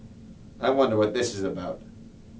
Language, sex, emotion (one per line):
English
male
neutral